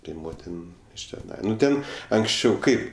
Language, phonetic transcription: Lithuanian, tai ˈmotin iš teˈnai nu ˈten anksˈčiau ˈkaip

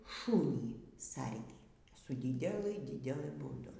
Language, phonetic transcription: Lithuanian, ˈšūnį ˈsargį su ˈdydelɨ ˈdydelɨ būˈdu

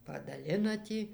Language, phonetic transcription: Lithuanian, padaˈlina ˈtį

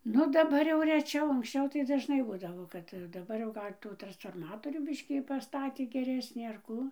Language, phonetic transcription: Lithuanian, ˈnu daˈbar jau reˈčiau anksˈčiau tai dažˈnai ˈbūdavo ˈkad daˈbar jau ˈgal' ˈtų transforˈmatorių ˈbiškį paˈstatė geˈresnį ar ˈkų

